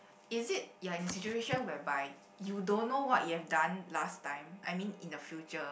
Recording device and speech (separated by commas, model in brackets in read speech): boundary microphone, conversation in the same room